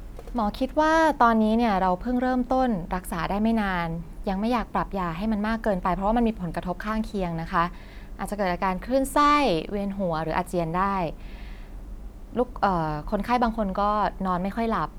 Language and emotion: Thai, neutral